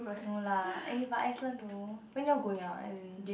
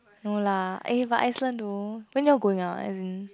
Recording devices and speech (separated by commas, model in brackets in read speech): boundary microphone, close-talking microphone, conversation in the same room